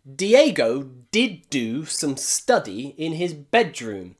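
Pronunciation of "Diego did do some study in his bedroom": Most of the d sounds in this sentence come at the beginning or in the middle of a word, and there are lots of strong d sounds, as in 'Diego', 'did' and 'do'.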